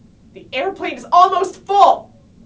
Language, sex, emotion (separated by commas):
English, female, angry